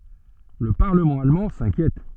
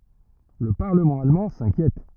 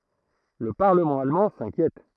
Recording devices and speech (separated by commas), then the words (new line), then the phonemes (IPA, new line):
soft in-ear microphone, rigid in-ear microphone, throat microphone, read sentence
Le Parlement allemand s'inquiète.
lə paʁləmɑ̃ almɑ̃ sɛ̃kjɛt